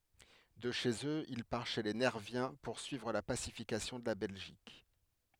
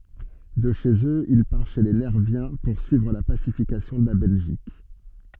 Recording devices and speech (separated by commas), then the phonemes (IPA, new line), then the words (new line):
headset microphone, soft in-ear microphone, read sentence
də ʃez øz il paʁ ʃe le nɛʁvjɛ̃ puʁsyivʁ la pasifikasjɔ̃ də la bɛlʒik
De chez eux il part chez les Nerviens poursuivre la pacification de la Belgique.